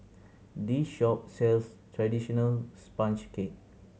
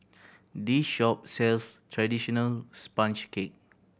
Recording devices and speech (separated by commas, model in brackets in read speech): mobile phone (Samsung C7100), boundary microphone (BM630), read sentence